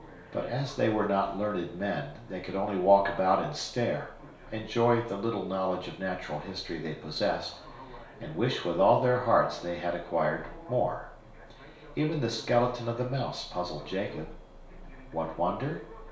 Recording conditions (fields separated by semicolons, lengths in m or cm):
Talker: one person; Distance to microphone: 1.0 m; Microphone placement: close; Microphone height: 1.1 m; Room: small (3.7 m by 2.7 m); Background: television